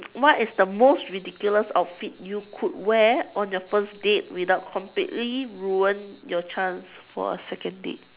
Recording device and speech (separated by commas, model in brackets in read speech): telephone, conversation in separate rooms